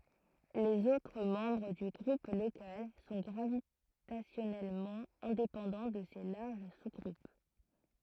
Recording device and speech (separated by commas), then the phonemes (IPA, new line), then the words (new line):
throat microphone, read sentence
lez otʁ mɑ̃bʁ dy ɡʁup lokal sɔ̃ ɡʁavitasjɔnɛlmɑ̃ ɛ̃depɑ̃dɑ̃ də se laʁʒ suzɡʁup
Les autres membres du Groupe local sont gravitationnellement indépendants de ces larges sous-groupes.